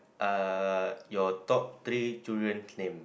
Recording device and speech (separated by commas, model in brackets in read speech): boundary microphone, conversation in the same room